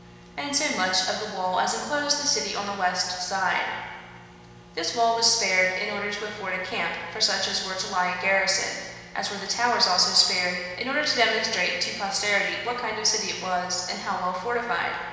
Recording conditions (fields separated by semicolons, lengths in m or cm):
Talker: one person; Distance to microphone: 1.7 m; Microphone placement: close; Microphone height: 1.0 m; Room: very reverberant, large; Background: none